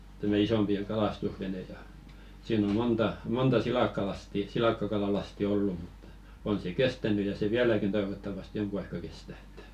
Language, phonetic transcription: Finnish, tämä 'isompi ʲᵃ 'kalastusvene ja , siin ‿o 'monta , 'monta "silàkkalasti , "silàkkakalalasti 'ollu muttᴀ , 'on se "kestäny ja se "viäläkin toivottavaste 'joŋku aikka kestä ᴇttᴀ̈ .
- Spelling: tämä isompi ja kalastusvene ja siinä on monta monta silakkalastia silakkakalalastia ollut mutta on se kestänyt ja se vieläkin toivottavasti jonkun aikaa kestää että

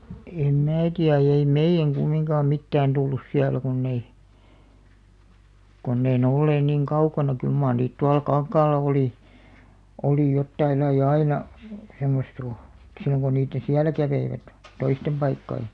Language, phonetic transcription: Finnish, em "mää tiä ei 'meiʲäŋ 'ɢummiŋkaam mittään 'tullus 'siälä kunn ‿ei , kunn ‿ei ne 'olleen niŋ "kaukana kyl maar niit 'tual "kaŋkaalla 'oli , olì 'jottaillai"ʲ ‿aina , semmost kᴏ , silloŋ ko niitteḛ "siälä 'käveivät , "toistem 'ʙaikkai .
- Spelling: en minä tiedä ei meidän kumminkaan mitään tullut siellä kun ei kun ei ne olleet niin kaukana kyllä mar niitä tuolla kankaalla oli oli jotain lajia aina semmoista kun silloin kun niiden siellä kävivät toisten paikkojen

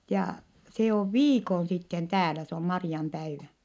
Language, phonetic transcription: Finnish, ja se ov viikon sitten täälä - se om Mari₍ampäivä .
- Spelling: ja se on viikon sitten täällä se on Marianpäivä

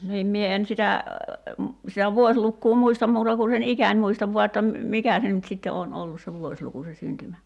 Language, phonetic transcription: Finnish, niim 'mie en 'sitä , sitä "vuoślukkuu 'muistam 'muuta ku sen "ikäń muistav 'vua että m̥- , 'mikä se nyt sitte 'oon "ollus se 'vuośluku se 'syntymä- ,.
- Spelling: niin minä en sitä sitä vuosilukua muista muuta kuin sen iän muistan vain että - mikä se nyt sitten on ollut se vuosiluku se -

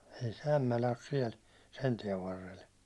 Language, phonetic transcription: Finnish, ei se 'Ämmälä os 'siɛl , 'sen tiɛv varrel .
- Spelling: ei se Ämmälä ole siellä sen tien varrella

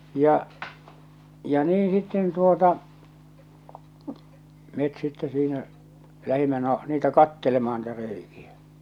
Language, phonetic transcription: Finnish, 'ja , ja 'nii sitten tuota , met sitte siinä , 'lähimmä no , niitä 'kattelema₍a ni̳tä 'reiki₍ä .
- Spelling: ja ja niin sitten tuota me sitten siinä lähdimme no niitä katselemaan niitä reikiä

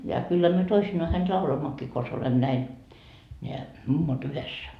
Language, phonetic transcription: Finnish, ja kyllä myö 'toisinnoa hänt "lauloimmokkii kons olem näin , ńeä , 'mummo"t ‿yhessä .
- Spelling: ja kyllä me toisinaan häntä lauloimmekin konsa olemme näin nämä mummot yhdessä

